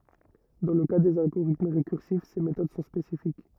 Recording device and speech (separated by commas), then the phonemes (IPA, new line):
rigid in-ear microphone, read sentence
dɑ̃ lə ka dez alɡoʁitm ʁekyʁsif se metod sɔ̃ spesifik